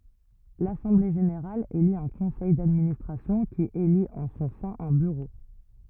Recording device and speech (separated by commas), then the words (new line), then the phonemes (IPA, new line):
rigid in-ear microphone, read sentence
L'assemblée générale élit un conseil d'administration qui élit en son sein un bureau.
lasɑ̃ble ʒeneʁal eli œ̃ kɔ̃sɛj dadministʁasjɔ̃ ki elit ɑ̃ sɔ̃ sɛ̃ œ̃ byʁo